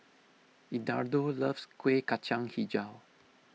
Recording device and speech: mobile phone (iPhone 6), read sentence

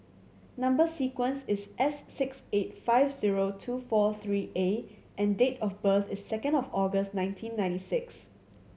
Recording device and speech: mobile phone (Samsung C7100), read sentence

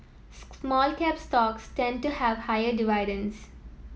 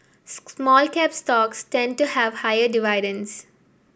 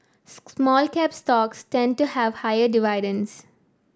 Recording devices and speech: mobile phone (iPhone 7), boundary microphone (BM630), standing microphone (AKG C214), read sentence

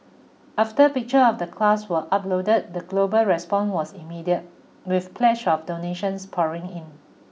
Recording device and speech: mobile phone (iPhone 6), read sentence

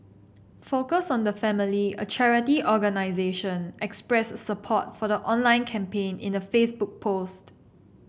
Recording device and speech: boundary microphone (BM630), read sentence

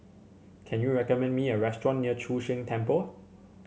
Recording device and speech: mobile phone (Samsung C7), read sentence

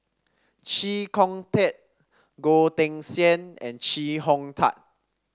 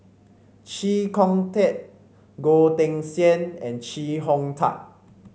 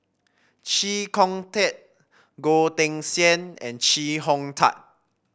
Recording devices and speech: standing microphone (AKG C214), mobile phone (Samsung C5), boundary microphone (BM630), read sentence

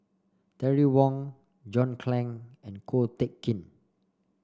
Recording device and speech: standing microphone (AKG C214), read sentence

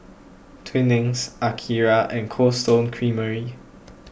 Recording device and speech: boundary microphone (BM630), read sentence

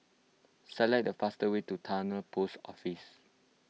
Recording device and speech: mobile phone (iPhone 6), read sentence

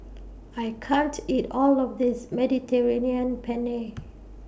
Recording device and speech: boundary microphone (BM630), read sentence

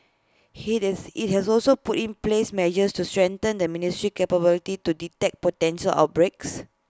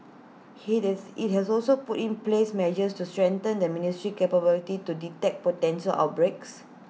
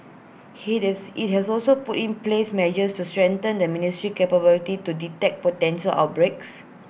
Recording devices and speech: close-talking microphone (WH20), mobile phone (iPhone 6), boundary microphone (BM630), read sentence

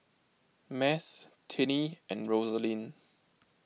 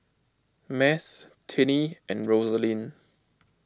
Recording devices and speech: mobile phone (iPhone 6), close-talking microphone (WH20), read sentence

